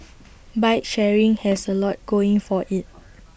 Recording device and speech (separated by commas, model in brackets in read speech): boundary microphone (BM630), read sentence